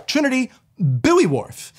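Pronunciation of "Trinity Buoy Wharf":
'Trinity Buoy Wharf' is not pronounced wrong here, just in a regional dialect: 'buoy' is not said as 'boy'.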